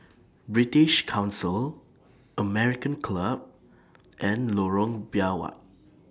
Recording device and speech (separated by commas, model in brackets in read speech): standing microphone (AKG C214), read sentence